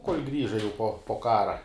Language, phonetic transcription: Lithuanian, kol' grįža jau po po ˈkara

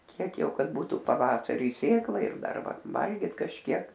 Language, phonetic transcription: Lithuanian, ˈkiek ˈjau ˈkad ˈbūtu paˈvasariui ˈsėklai ir ˈdar ˈva ˈvalgyt kažˈkiek

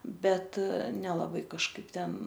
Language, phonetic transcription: Lithuanian, ˈbet nelaˈbai kažˈkaip ˈten

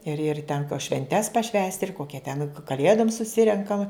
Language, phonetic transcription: Lithuanian, ir ir ˈtenka švenˈtes paˈšvęsti ir ˈkokia ten kaˈlėdom suˈsirenkam

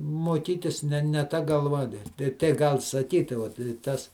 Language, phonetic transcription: Lithuanian, moˈkytis ˈne ne ˈta galˈva tei tei ˈgal saˈkyti ˈvat i ˈtas

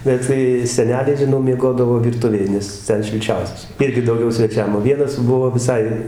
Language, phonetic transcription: Lithuanian, ˈbet tai seˈneliai žiˈnau mieˈgodavo virˈtuvėj nes ˈten šilˈčiausias ˈirgi dauˈgiau sveˈčiam o ˈvienas ˈbuvo viˈsai

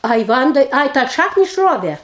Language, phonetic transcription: Lithuanian, ˈai ˈvandai ˈai tą ˈšakni išˈrovė

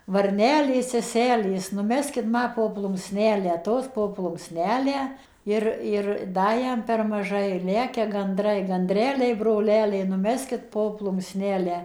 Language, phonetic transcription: Lithuanian, varˈnelės seˈselės nuˈmeskit ˈma po plunksˈnelę ˈtos po plunksˈnelę ˈir ir ˈda ˈjam per maˈžai ir ˈlekia ganˈdrai ganˈdreliai broˈleliai nuˈmeskit po plunksˈnelę

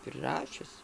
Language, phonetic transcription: Lithuanian, priˈrašius

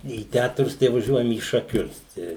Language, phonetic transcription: Lithuanian, į ˈtætrus tai vaˈžiuojam į šaˈkius ˈtę

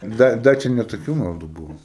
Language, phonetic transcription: Lithuanian, ˈda ˈda čia ne toˈkių maˈdų ˈbuvo

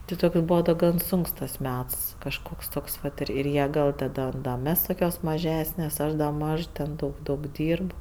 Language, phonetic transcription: Lithuanian, ti ˈtoks ˈbūva da ˈgan ˈsunks tas ˈmets kažˈkoks ˈtoks vat ir ir ˈjie ˈgal taˈdom da ˈmes toˈkios maˈžesnės ˈaš da ˈmaž ten ˈdaug ˈdaug ˈdyrb

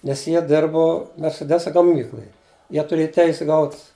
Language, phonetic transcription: Lithuanian, ˈnes ˈjie ˈdirbu merseˈdesa gaˈmykluj ˈjie tuˈrėja ˈteise ˈgaut

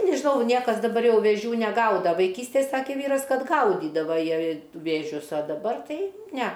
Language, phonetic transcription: Lithuanian, nežiˈnau ˈniekas daˈbar ˈjau vėˈžių neˈgauda vaiˈkystėj ˈsakė ˈvyras ˈkad ˈgaudydava ˈjie vėˈžius a daˈbar ˈtai ne

